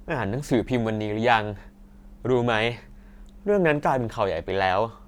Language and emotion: Thai, neutral